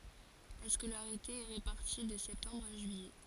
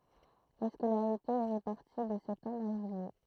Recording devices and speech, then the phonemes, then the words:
forehead accelerometer, throat microphone, read sentence
la skolaʁite ɛ ʁepaʁti də sɛptɑ̃bʁ a ʒyijɛ
La scolarité est répartie de septembre à juillet.

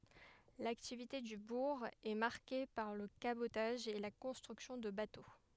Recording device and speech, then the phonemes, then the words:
headset microphone, read sentence
laktivite dy buʁ ɛ maʁke paʁ lə kabotaʒ e la kɔ̃stʁyksjɔ̃ də bato
L'activité du bourg est marquée par le cabotage et la construction de bateaux.

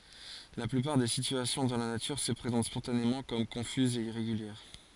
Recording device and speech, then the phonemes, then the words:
forehead accelerometer, read sentence
la plypaʁ de sityasjɔ̃ dɑ̃ la natyʁ sə pʁezɑ̃t spɔ̃tanemɑ̃ kɔm kɔ̃fyzz e iʁeɡyljɛʁ
La plupart des situations dans la nature se présentent spontanément comme confuses et irrégulières.

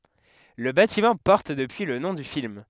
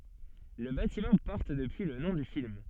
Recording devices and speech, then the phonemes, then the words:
headset microphone, soft in-ear microphone, read sentence
lə batimɑ̃ pɔʁt dəpyi lə nɔ̃ dy film
Le bâtiment porte depuis le nom du film.

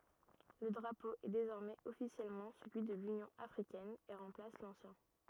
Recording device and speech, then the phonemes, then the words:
rigid in-ear microphone, read sentence
lə dʁapo ɛ dezɔʁmɛz ɔfisjɛlmɑ̃ səlyi də lynjɔ̃ afʁikɛn e ʁɑ̃plas lɑ̃sjɛ̃
Le drapeau est désormais officiellement celui de l'Union africaine et remplace l'ancien.

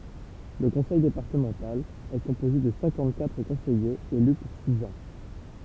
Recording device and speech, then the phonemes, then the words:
temple vibration pickup, read sentence
lə kɔ̃sɛj depaʁtəmɑ̃tal ɛ kɔ̃poze də sɛ̃kɑ̃t katʁ kɔ̃sɛjez ely puʁ siz ɑ̃
Le conseil départemental est composé de cinquante-quatre conseillers élus pour six ans.

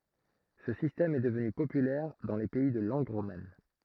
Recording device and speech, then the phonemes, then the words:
throat microphone, read sentence
sə sistɛm ɛ dəvny popylɛʁ dɑ̃ le pɛi də lɑ̃ɡ ʁoman
Ce système est devenu populaire dans les pays de langue romane.

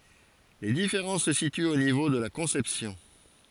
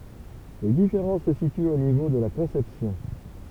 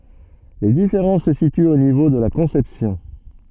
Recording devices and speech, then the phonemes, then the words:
forehead accelerometer, temple vibration pickup, soft in-ear microphone, read sentence
le difeʁɑ̃s sə sityt o nivo də la kɔ̃sɛpsjɔ̃
Les différences se situent au niveau de la conception.

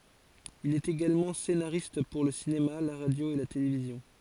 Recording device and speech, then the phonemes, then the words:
forehead accelerometer, read sentence
il ɛt eɡalmɑ̃ senaʁist puʁ lə sinema la ʁadjo e la televizjɔ̃
Il est également scénariste pour le cinéma, la radio et la télévision.

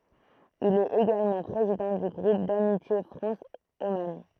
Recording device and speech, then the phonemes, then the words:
throat microphone, read sentence
il ɛt eɡalmɑ̃ pʁezidɑ̃ dy ɡʁup damitje fʁɑ̃s oman
Il est également président du groupe d'amitié France - Oman.

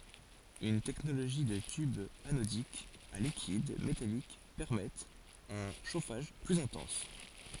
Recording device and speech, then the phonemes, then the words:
forehead accelerometer, read sentence
yn tɛknoloʒi də tybz anodikz a likid metalik pɛʁmɛtt œ̃ ʃofaʒ plyz ɛ̃tɑ̃s
Une technologie de tubes anodiques à liquide métalliques permettent un chauffage plus intense.

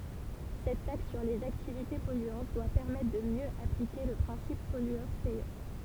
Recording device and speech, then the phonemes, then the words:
temple vibration pickup, read sentence
sɛt taks syʁ lez aktivite pɔlyɑ̃t dwa pɛʁmɛtʁ də mjø aplike lə pʁɛ̃sip pɔlyœʁ pɛjœʁ
Cette taxe sur les activités polluantes doit permettre de mieux appliquer le principe pollueur-payeur.

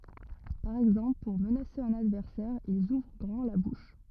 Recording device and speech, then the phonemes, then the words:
rigid in-ear microphone, read sentence
paʁ ɛɡzɑ̃pl puʁ mənase œ̃n advɛʁsɛʁ ilz uvʁ ɡʁɑ̃ la buʃ
Par exemple pour menacer un adversaire, ils ouvrent grand la bouche.

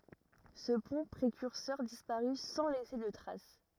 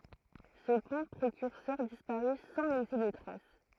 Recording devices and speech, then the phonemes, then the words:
rigid in-ear microphone, throat microphone, read sentence
sə pɔ̃ pʁekyʁsœʁ dispaʁy sɑ̃ lɛse də tʁas
Ce pont précurseur disparut sans laisser de traces.

